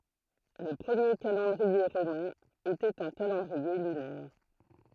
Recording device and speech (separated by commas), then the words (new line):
throat microphone, read sentence
Le premier calendrier romain était un calendrier lunaire.